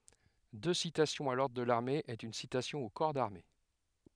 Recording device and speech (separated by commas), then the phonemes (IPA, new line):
headset microphone, read sentence
dø sitasjɔ̃z a lɔʁdʁ də laʁme ɛt yn sitasjɔ̃ o kɔʁ daʁme